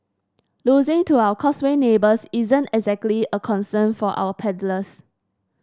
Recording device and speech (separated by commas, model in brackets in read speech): standing microphone (AKG C214), read sentence